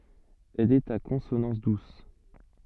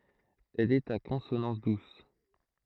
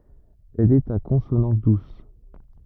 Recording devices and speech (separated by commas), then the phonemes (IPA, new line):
soft in-ear microphone, throat microphone, rigid in-ear microphone, read sentence
ɛl ɛt a kɔ̃sonɑ̃s dus